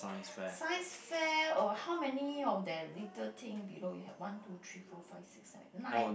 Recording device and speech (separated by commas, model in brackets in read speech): boundary microphone, conversation in the same room